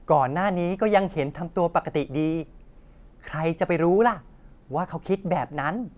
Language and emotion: Thai, happy